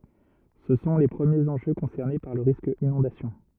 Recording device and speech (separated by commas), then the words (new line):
rigid in-ear microphone, read sentence
Ce sont les premiers enjeux concernés par le risque inondation.